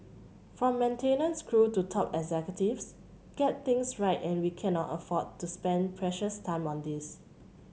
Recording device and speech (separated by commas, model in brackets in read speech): mobile phone (Samsung C7100), read sentence